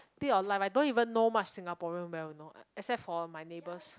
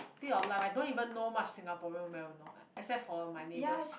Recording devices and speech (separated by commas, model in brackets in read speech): close-talking microphone, boundary microphone, conversation in the same room